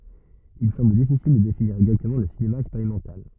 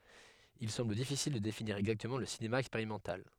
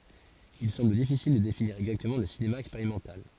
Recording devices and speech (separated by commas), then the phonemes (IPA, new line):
rigid in-ear microphone, headset microphone, forehead accelerometer, read sentence
il sɑ̃bl difisil də definiʁ ɛɡzaktəmɑ̃ lə sinema ɛkspeʁimɑ̃tal